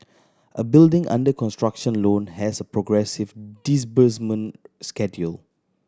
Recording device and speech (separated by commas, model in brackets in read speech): standing microphone (AKG C214), read sentence